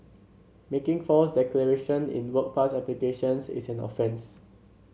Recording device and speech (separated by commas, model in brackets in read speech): mobile phone (Samsung C7), read sentence